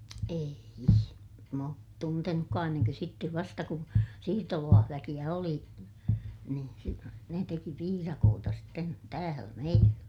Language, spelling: Finnish, ei en minä ole tuntenutkaan ennen kuin sitten vasta kun siirtolaisväkeä oli niin - ne teki piirakoita sitten täällä meillä
- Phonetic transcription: ee₍i , em m ‿oot tuntenukkaa enneŋkö sittev vasta kun , siirtolaahväkiʲä oli , niin si- , ne teki piirakoota sitten , täälä meillä .

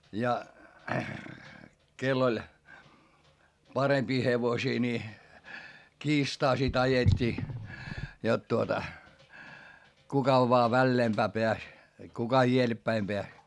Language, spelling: Finnish, ja kenellä oli parempia hevosia niin kiistaa sitten ajettiin jotta tuota kuka vain väleempään pääsi kuka edellepäin pääsi
- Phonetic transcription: ja , kell ‿oĺ , parempii hevosii ni , kiistaa sit ‿ajet́t́ii , jot tuota , kuka voa välleempää peäs , kuka ieleppäim peäs .

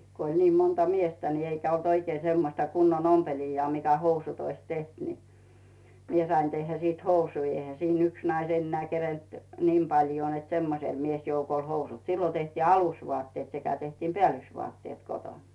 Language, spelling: Finnish, kun oli niin monta miestä niin eikä ollut oikein semmoista kunnon ompelijaa mikä housut olisi tehnyt niin minä sain tehdä sitten housuja eihän siinä yksi nainen enää kerinnyt niin paljoa että semmoiselle miesjoukolle housut silloin tehtiin alusvaatteet sekä tehtiin päällysvaatteet kotona
- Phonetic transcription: ko ‿oĺ nii 'monta "miestä ni eikä olt oikei semmosta 'kunnon "ompeliijjaa 'mikä "housut ‿ois 'teht ni , 'mie sain tehhä sìt "housui , eihä siin ‿'yks 'nais enneä̀ 'kerent , "niim 'paljoo net 'semmosel 'miesjoukoĺ 'housut , sillo tehtii "alusvoàtteet sekä tehtiim "peä̀lys'vuàtteet 'koton .

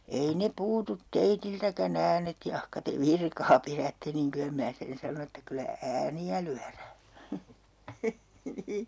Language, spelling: Finnish, ei ne puutu teiltäkään äänet jahka te virkaa pidätte niin kyllä minä sen sanon että kyllä ääniä lyödään
- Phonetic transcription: ei 'ne 'puutut "teitiltäkä'n ‿äänet 'jahka te "virkaa 'pirätte niŋ 'kylä mⁱnä 'sen sanon ‿että 'kylä "ääni₍ä lyärää .

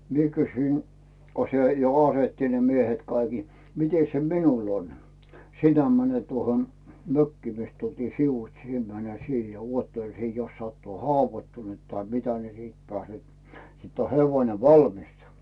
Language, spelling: Finnish, minä kysyin kun se jo asetti ne miehet kaikki mitenkäs se minulla on sinä menet tuohon mökkiin mistä tultiin sivuitse sinä menet siihen ja odottele siinä jos sattuu haavoittunut tai mitä siitä pääset sitten on hevonen valmiina
- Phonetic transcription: 'mie kysyin , ko 'se jo "asetti ne 'miehet kaiki , » 'mites se "minul ‿on ? « » "sinä mänet tuohon , "mökkii mist tultii 'sivuⁱts sie mäne 'siihᴇ ja 'uottel sii jos sattuu "havoⁱttunu̬t tai 'mitä siit pääset , 'sitt ‿o hevoⁱne 'valmissᴀ .

